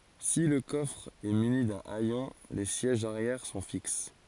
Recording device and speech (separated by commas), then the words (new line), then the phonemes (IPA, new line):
forehead accelerometer, read sentence
Si le coffre est muni d'un hayon, les sièges arrière sont fixes.
si lə kɔfʁ ɛ myni dœ̃ ɛjɔ̃ le sjɛʒz aʁjɛʁ sɔ̃ fiks